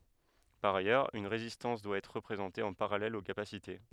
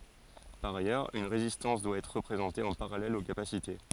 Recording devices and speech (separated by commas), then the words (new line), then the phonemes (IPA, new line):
headset microphone, forehead accelerometer, read sentence
Par ailleurs, une résistance doit être représentée en parallèle aux capacités.
paʁ ajœʁz yn ʁezistɑ̃s dwa ɛtʁ ʁəpʁezɑ̃te ɑ̃ paʁalɛl o kapasite